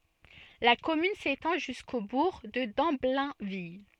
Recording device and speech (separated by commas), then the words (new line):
soft in-ear microphone, read sentence
La commune s'étend jusqu'au bourg de Damblainville.